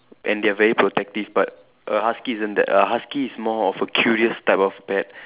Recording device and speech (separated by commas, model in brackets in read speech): telephone, conversation in separate rooms